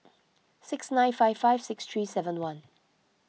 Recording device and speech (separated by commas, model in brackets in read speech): mobile phone (iPhone 6), read sentence